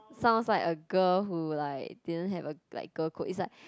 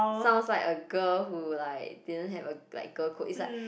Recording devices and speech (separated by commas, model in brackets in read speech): close-talking microphone, boundary microphone, conversation in the same room